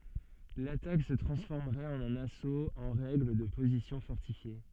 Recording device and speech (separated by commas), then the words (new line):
soft in-ear microphone, read sentence
L'attaque se transformerait en un assaut en règle de positions fortifiées.